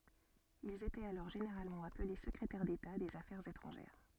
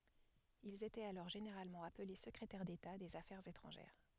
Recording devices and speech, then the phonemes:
soft in-ear microphone, headset microphone, read sentence
ilz etɛt alɔʁ ʒeneʁalmɑ̃ aple səkʁetɛʁ deta dez afɛʁz etʁɑ̃ʒɛʁ

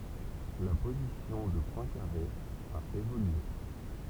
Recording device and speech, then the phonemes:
temple vibration pickup, read sentence
la pozisjɔ̃ də pwɛ̃kaʁe a evolye

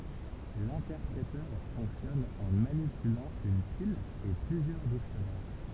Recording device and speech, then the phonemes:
temple vibration pickup, read sentence
lɛ̃tɛʁpʁetœʁ fɔ̃ksjɔn ɑ̃ manipylɑ̃ yn pil e plyzjœʁ diksjɔnɛʁ

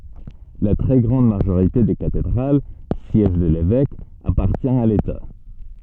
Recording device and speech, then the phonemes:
soft in-ear microphone, read sentence
la tʁɛ ɡʁɑ̃d maʒoʁite de katedʁal sjɛʒ də levɛk apaʁtjɛ̃ a leta

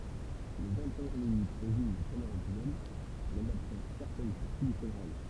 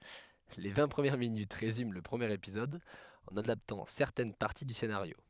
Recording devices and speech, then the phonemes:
temple vibration pickup, headset microphone, read sentence
le vɛ̃ pʁəmjɛʁ minyt ʁezym lə pʁəmjeʁ epizɔd ɑ̃n adaptɑ̃ sɛʁtɛn paʁti dy senaʁjo

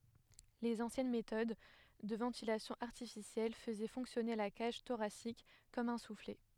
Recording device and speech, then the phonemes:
headset microphone, read sentence
lez ɑ̃sjɛn metɔd də vɑ̃tilasjɔ̃ aʁtifisjɛl fəzɛ fɔ̃ksjɔne la kaʒ toʁasik kɔm œ̃ suflɛ

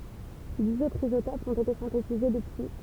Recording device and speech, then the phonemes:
temple vibration pickup, read sentence
diz otʁz izotopz ɔ̃t ete sɛ̃tetize dəpyi

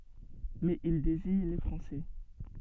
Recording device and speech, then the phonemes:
soft in-ear microphone, read sentence
mɛz il deziɲ le fʁɑ̃sɛ

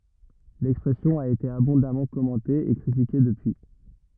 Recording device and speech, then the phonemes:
rigid in-ear microphone, read sentence
lɛkspʁɛsjɔ̃ a ete abɔ̃damɑ̃ kɔmɑ̃te e kʁitike dəpyi

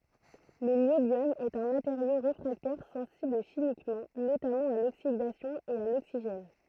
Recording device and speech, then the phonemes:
throat microphone, read sentence
lə njobjɔm ɛt œ̃ mateʁjo ʁefʁaktɛʁ sɑ̃sibl ʃimikmɑ̃ notamɑ̃ a loksidasjɔ̃ e a loksiʒɛn

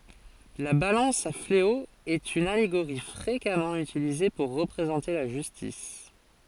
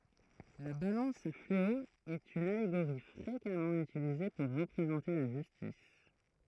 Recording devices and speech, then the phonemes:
forehead accelerometer, throat microphone, read sentence
la balɑ̃s a fleo ɛt yn aleɡoʁi fʁekamɑ̃ ytilize puʁ ʁəpʁezɑ̃te la ʒystis

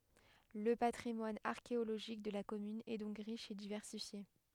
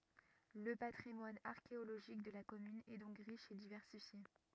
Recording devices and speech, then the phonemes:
headset microphone, rigid in-ear microphone, read sentence
lə patʁimwan aʁkeoloʒik də la kɔmyn ɛ dɔ̃k ʁiʃ e divɛʁsifje

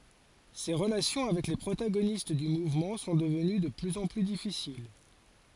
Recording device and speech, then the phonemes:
forehead accelerometer, read sentence
se ʁəlasjɔ̃ avɛk le pʁotaɡonist dy muvmɑ̃ sɔ̃ dəvəny də plyz ɑ̃ ply difisil

